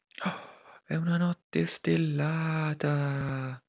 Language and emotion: Italian, surprised